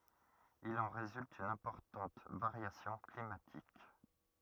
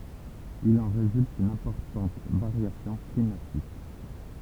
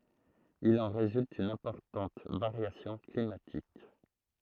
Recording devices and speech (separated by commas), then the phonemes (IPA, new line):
rigid in-ear microphone, temple vibration pickup, throat microphone, read sentence
il ɑ̃ ʁezylt yn ɛ̃pɔʁtɑ̃t vaʁjasjɔ̃ klimatik